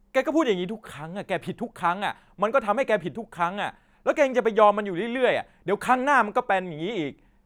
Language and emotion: Thai, angry